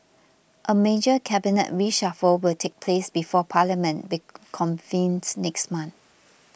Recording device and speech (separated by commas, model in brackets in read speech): boundary microphone (BM630), read sentence